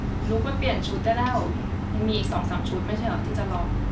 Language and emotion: Thai, frustrated